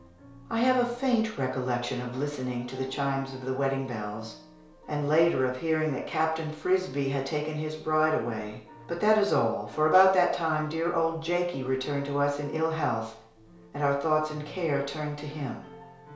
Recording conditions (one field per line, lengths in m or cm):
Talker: one person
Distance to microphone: 1.0 m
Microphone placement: close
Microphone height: 1.1 m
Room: small (3.7 m by 2.7 m)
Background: music